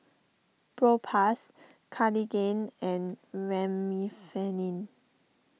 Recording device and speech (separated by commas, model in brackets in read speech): mobile phone (iPhone 6), read sentence